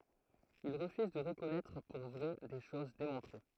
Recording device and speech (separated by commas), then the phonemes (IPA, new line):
throat microphone, read sentence
il ʁəfyz də ʁəkɔnɛtʁ puʁ vʁɛ de ʃoz demɔ̃tʁe